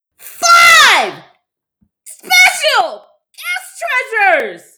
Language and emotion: English, surprised